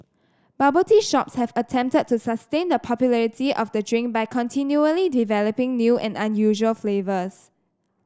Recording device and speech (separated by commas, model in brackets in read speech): standing microphone (AKG C214), read sentence